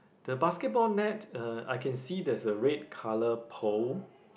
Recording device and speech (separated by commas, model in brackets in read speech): boundary microphone, conversation in the same room